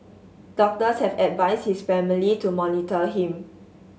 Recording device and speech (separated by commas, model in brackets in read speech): mobile phone (Samsung S8), read sentence